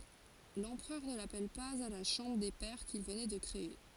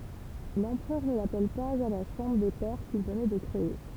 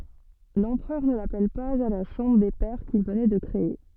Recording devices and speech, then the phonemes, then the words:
forehead accelerometer, temple vibration pickup, soft in-ear microphone, read sentence
lɑ̃pʁœʁ nə lapɛl paz a la ʃɑ̃bʁ de pɛʁ kil vənɛ də kʁee
L'Empereur ne l'appelle pas à la Chambre des pairs qu'il venait de créer.

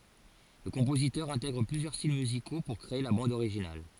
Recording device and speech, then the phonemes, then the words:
forehead accelerometer, read sentence
lə kɔ̃pozitœʁ ɛ̃tɛɡʁ plyzjœʁ stil myziko puʁ kʁee la bɑ̃d oʁiʒinal
Le compositeur intègre plusieurs styles musicaux pour créer la bande originale.

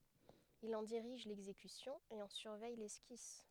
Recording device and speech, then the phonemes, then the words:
headset microphone, read sentence
il ɑ̃ diʁiʒ lɛɡzekysjɔ̃ e ɑ̃ syʁvɛj lɛskis
Il en dirige l'exécution et en surveille l'esquisse.

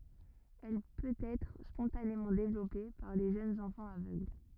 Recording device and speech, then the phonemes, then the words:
rigid in-ear microphone, read sentence
ɛl pøtɛtʁ spɔ̃tanemɑ̃ devlɔpe paʁ le ʒønz ɑ̃fɑ̃z avøɡl
Elle peut-être spontanément développée par les jeunes enfants aveugle.

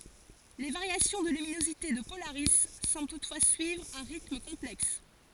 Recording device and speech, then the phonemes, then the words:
forehead accelerometer, read sentence
le vaʁjasjɔ̃ də lyminozite də polaʁi sɑ̃bl tutfwa syivʁ œ̃ ʁitm kɔ̃plɛks
Les variations de luminosité de Polaris semblent toutefois suivre un rythme complexe.

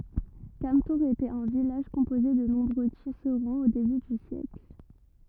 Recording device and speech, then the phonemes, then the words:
rigid in-ear microphone, read sentence
kamtuʁz etɛt œ̃ vilaʒ kɔ̃poze də nɔ̃bʁø tisʁɑ̃z o deby dy sjɛkl
Cametours était un village composé de nombreux tisserands au début du siècle.

